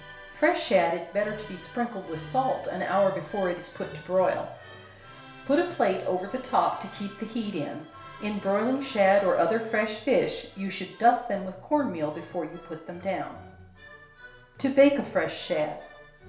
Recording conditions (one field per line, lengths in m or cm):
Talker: one person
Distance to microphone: 1.0 m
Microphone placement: close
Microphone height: 1.1 m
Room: small (3.7 m by 2.7 m)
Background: music